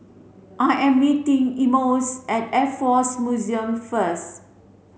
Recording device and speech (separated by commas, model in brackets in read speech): mobile phone (Samsung C7), read sentence